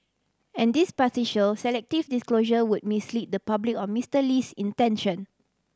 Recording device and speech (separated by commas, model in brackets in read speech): standing microphone (AKG C214), read sentence